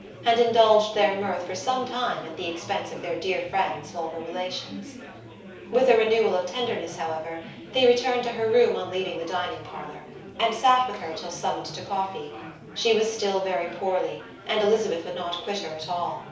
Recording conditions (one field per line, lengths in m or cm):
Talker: one person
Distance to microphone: 3.0 m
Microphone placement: far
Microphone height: 1.8 m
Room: small (3.7 m by 2.7 m)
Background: babble